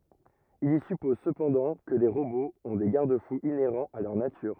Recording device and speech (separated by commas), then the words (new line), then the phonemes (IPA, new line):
rigid in-ear microphone, read sentence
Il y suppose cependant que les robots ont des garde-fous inhérents à leur nature.
il i sypɔz səpɑ̃dɑ̃ kə le ʁoboz ɔ̃ de ɡaʁd fuz ineʁɑ̃z a lœʁ natyʁ